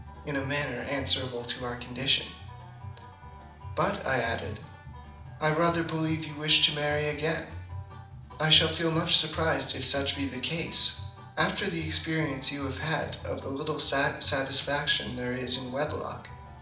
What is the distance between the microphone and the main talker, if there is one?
2.0 m.